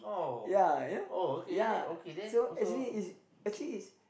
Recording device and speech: boundary microphone, conversation in the same room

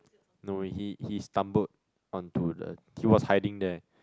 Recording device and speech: close-talking microphone, conversation in the same room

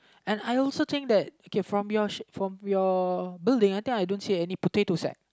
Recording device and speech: close-talking microphone, conversation in the same room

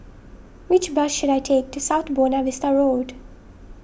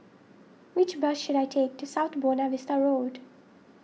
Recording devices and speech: boundary microphone (BM630), mobile phone (iPhone 6), read sentence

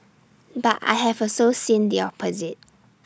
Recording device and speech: standing microphone (AKG C214), read sentence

